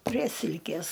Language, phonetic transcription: Lithuanian, prie ˈsilkės

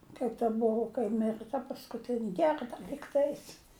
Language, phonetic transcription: Lithuanian, kaip ta ˈbuvu kai ˈmirɨ ta paskuˈtini ˈgerda lygˈtais

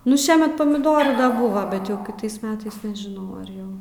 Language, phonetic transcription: Lithuanian, ˈnu ˈšiemet pamiˈdorų ˈbuva bet ˈjau kiˈtais ˈmetais nežiˈnau ar ˈjau

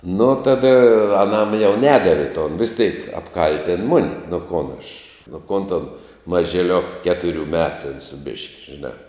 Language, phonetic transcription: Lithuanian, nu ˈtada aˈnam jau ˈnedavi ton vis ˈtėk apˈkal'tin ˈmuni nu ˈkon aš nu ˈkon ton mažiˈliok ˈketuˌriu ˈmetu ten su bišk' žiˈnā

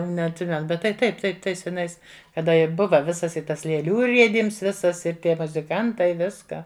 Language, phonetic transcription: Lithuanian, neatˈsimen ˈbet tai ˈtaip ˈtai ˈtais seˈnais kaˈda i ˈbuva ˈvisas i ˈtas lėˈlių ˈriedyms ˈvisas ir ˈtie muziˈkantai ˈviską

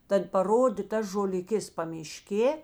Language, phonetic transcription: Lithuanian, ˈtad paˈrodė ˈtas žoliˈkės pamiˈškė

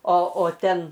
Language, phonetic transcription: Lithuanian, o o ˈten

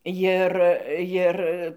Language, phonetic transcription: Lithuanian, jir ˈjir

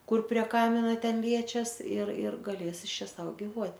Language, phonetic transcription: Lithuanian, ˈkur prie ˈkamina ˈten ˈliečias ir ir gaˈlės ˈis ˈčia ˈsau giˈvuot'

